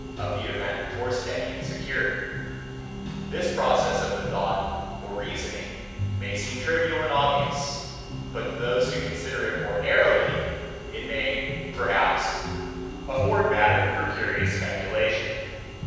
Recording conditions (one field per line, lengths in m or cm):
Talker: one person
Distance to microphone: 7.1 m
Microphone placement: far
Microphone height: 1.7 m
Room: very reverberant, large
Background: music